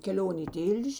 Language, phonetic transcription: Lithuanian, keˈlion' į ˈtil'ž'

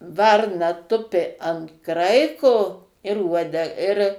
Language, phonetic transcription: Lithuanian, ˈvarna ˈtupi ant ˈkraiko ir ˈuode ir

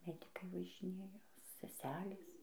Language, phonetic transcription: Lithuanian, ˈmedikai važiˈnėja seˈselės

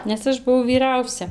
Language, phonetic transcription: Lithuanian, nes ˈaš buˈvau vyˈrausia

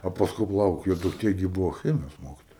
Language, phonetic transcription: Lithuanian, o pasˈkui paˈlauk jo dukˈtė gi ˈbūvo ˈchemijos ˈmokitoja

